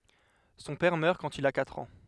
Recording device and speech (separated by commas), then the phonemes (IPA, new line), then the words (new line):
headset microphone, read sentence
sɔ̃ pɛʁ mœʁ kɑ̃t il a katʁ ɑ̃
Son père meurt quand il a quatre ans.